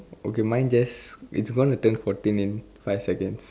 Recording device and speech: standing microphone, conversation in separate rooms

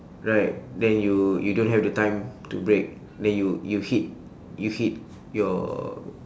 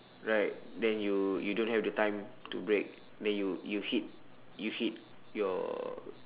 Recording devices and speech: standing microphone, telephone, conversation in separate rooms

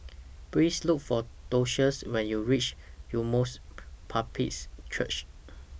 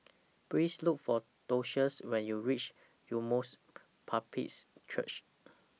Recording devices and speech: boundary microphone (BM630), mobile phone (iPhone 6), read sentence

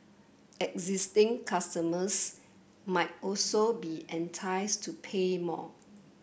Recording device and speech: boundary microphone (BM630), read sentence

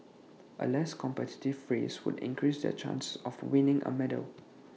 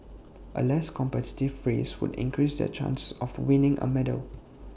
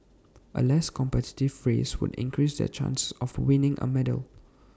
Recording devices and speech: mobile phone (iPhone 6), boundary microphone (BM630), standing microphone (AKG C214), read sentence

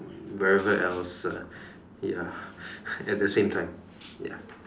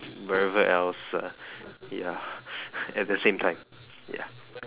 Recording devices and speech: standing microphone, telephone, conversation in separate rooms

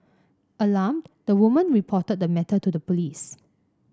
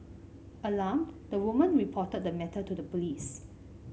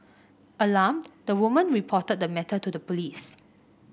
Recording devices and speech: standing microphone (AKG C214), mobile phone (Samsung C5), boundary microphone (BM630), read sentence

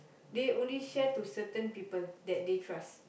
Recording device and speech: boundary microphone, conversation in the same room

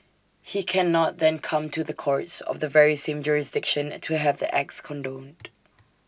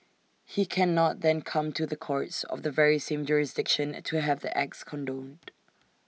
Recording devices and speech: standing microphone (AKG C214), mobile phone (iPhone 6), read sentence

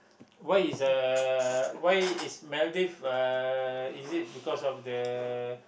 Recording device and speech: boundary microphone, conversation in the same room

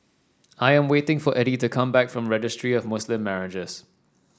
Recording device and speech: standing microphone (AKG C214), read sentence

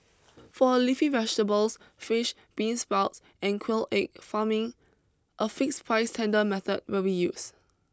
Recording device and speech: close-talking microphone (WH20), read sentence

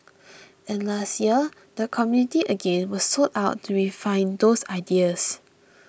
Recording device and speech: boundary microphone (BM630), read sentence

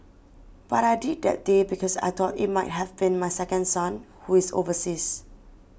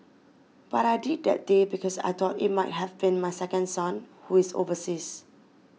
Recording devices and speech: boundary microphone (BM630), mobile phone (iPhone 6), read sentence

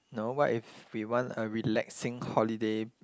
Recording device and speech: close-talking microphone, conversation in the same room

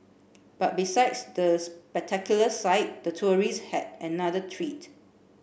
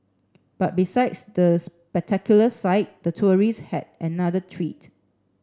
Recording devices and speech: boundary microphone (BM630), standing microphone (AKG C214), read sentence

